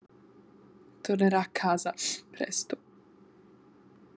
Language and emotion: Italian, sad